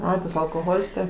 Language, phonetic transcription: Lithuanian, ˈai tas alkoˈholis tai

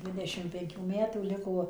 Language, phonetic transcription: Lithuanian, ˈdvidešim penˈkių ˈmetų ˈliko

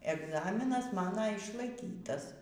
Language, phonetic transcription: Lithuanian, egˈzaminas ˈmano išlaiˈkytas

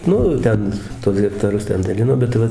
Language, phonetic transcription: Lithuanian, ˈnu ˈten tuos hektaˈrus ˈten daˈlino bet ˈva

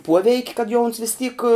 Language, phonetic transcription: Lithuanian, ˈpuoveik' kad jau uns vis tyk

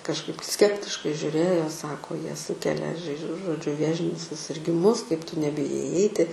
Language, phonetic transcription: Lithuanian, kažˈkaip ˈskeptiškai žiuˈrėjo jie ˈsako jie ˈsūkelia žai žo žoˈdžiu ˈvėžinius susirgiˈmus kaip tu nebiˈjai iˈeiti

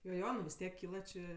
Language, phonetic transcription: Lithuanian, jo ˈjo nu vis ˈtiek ˈkyla čė

